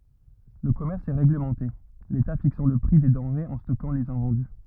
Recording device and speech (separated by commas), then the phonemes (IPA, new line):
rigid in-ear microphone, read sentence
lə kɔmɛʁs ɛ ʁeɡləmɑ̃te leta fiksɑ̃ lə pʁi de dɑ̃ʁez e stɔkɑ̃ lez ɛ̃vɑ̃dy